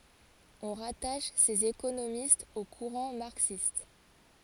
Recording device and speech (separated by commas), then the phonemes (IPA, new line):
forehead accelerometer, read sentence
ɔ̃ ʁataʃ sez ekonomistz o kuʁɑ̃ maʁksist